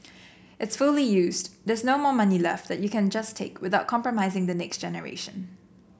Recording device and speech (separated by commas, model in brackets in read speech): boundary microphone (BM630), read sentence